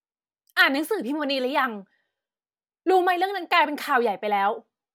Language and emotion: Thai, angry